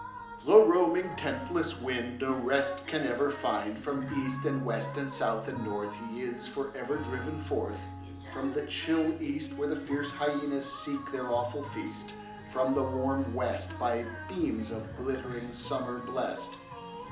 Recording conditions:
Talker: one person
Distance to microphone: 2.0 m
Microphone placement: close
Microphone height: 99 cm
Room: medium-sized (5.7 m by 4.0 m)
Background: music

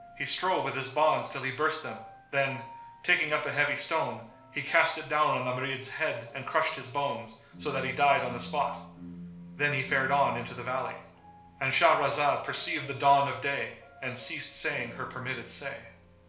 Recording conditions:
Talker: one person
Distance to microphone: 1.0 m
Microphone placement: close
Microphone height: 1.1 m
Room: small (3.7 m by 2.7 m)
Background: music

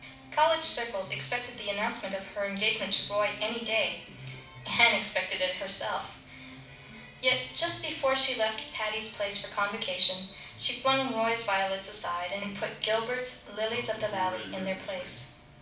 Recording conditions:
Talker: one person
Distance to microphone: 5.8 m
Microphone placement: far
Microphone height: 1.8 m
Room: medium-sized (5.7 m by 4.0 m)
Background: television

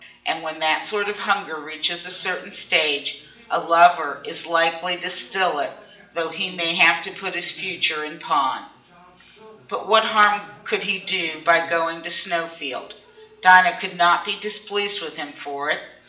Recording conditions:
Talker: one person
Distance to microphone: 1.8 m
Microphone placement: close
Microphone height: 1.0 m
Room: large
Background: television

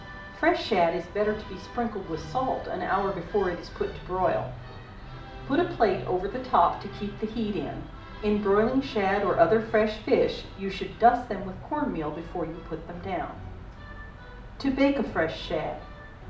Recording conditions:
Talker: one person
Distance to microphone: 2.0 m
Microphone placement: close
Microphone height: 99 cm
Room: medium-sized (5.7 m by 4.0 m)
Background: music

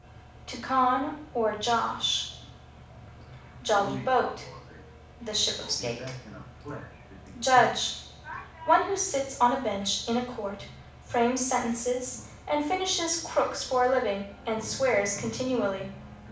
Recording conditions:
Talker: one person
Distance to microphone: 5.8 m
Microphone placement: far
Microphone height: 1.8 m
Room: medium-sized (5.7 m by 4.0 m)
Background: television

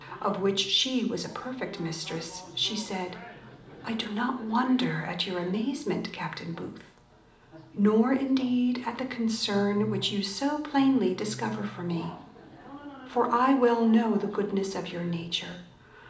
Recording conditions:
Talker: one person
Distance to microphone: 2.0 m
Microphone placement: close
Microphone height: 99 cm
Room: medium-sized (5.7 m by 4.0 m)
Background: television

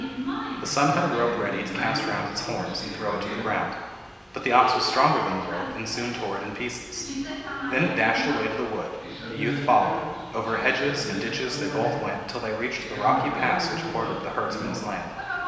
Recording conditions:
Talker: one person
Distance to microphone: 1.7 m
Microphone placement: close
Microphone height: 1.0 m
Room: very reverberant, large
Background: television

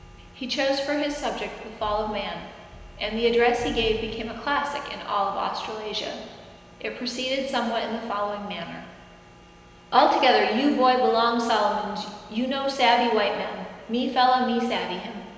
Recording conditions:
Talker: one person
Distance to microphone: 1.7 m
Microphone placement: close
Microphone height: 1.0 m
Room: very reverberant, large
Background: none

